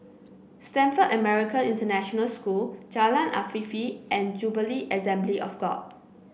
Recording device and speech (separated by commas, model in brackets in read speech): boundary microphone (BM630), read sentence